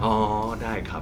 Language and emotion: Thai, neutral